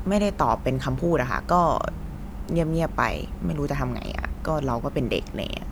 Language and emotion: Thai, frustrated